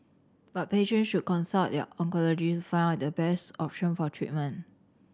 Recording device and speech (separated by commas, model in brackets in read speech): standing microphone (AKG C214), read sentence